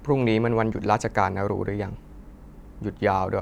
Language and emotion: Thai, frustrated